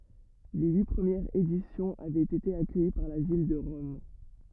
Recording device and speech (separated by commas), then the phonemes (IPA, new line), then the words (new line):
rigid in-ear microphone, read sentence
le yi pʁəmjɛʁz edisjɔ̃z avɛt ete akœji paʁ la vil də ʁɔm
Les huit premières éditions avaient été accueillies par la ville de Rome.